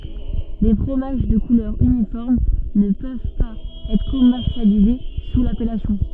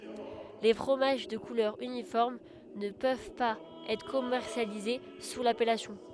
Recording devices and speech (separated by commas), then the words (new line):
soft in-ear microphone, headset microphone, read sentence
Les fromages de couleur uniforme ne peuvent pas être commercialisés sous l'appellation.